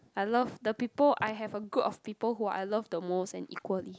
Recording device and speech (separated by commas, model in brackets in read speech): close-talking microphone, conversation in the same room